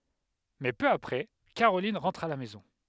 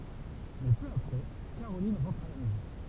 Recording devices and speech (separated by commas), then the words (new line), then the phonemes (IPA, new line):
headset microphone, temple vibration pickup, read sentence
Mais peu après, Caroline rentre à la maison.
mɛ pø apʁɛ kaʁolin ʁɑ̃tʁ a la mɛzɔ̃